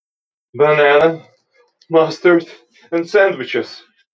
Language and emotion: English, fearful